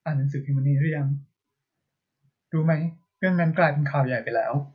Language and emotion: Thai, sad